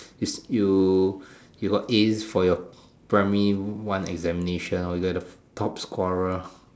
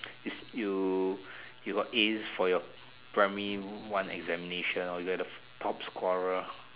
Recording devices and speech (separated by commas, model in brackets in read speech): standing microphone, telephone, conversation in separate rooms